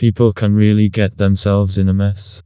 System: TTS, vocoder